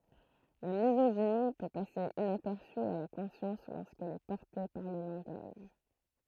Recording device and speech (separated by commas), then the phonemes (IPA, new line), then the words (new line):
throat microphone, read sentence
la mizoʒini pø pase inapɛʁsy a la kɔ̃sjɑ̃s loʁskɛl ɛ pɔʁte paʁ lə lɑ̃ɡaʒ
La misogynie peut passer inaperçue à la conscience lorsqu'elle est portée par le langage.